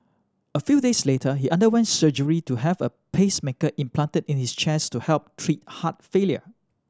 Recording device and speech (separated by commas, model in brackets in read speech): standing microphone (AKG C214), read sentence